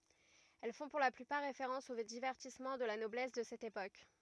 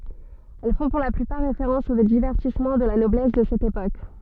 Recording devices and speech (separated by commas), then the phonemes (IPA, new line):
rigid in-ear microphone, soft in-ear microphone, read sentence
ɛl fɔ̃ puʁ la plypaʁ ʁefeʁɑ̃s o divɛʁtismɑ̃ də la nɔblɛs də sɛt epok